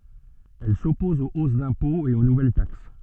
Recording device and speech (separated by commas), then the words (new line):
soft in-ear microphone, read sentence
Elle s'oppose aux hausses d'impôts et aux nouvelles taxes.